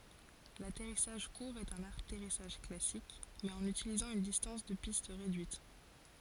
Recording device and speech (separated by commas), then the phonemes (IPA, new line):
forehead accelerometer, read sentence
latɛʁisaʒ kuʁ ɛt œ̃n atɛʁisaʒ klasik mɛz ɑ̃n ytilizɑ̃ yn distɑ̃s də pist ʁedyit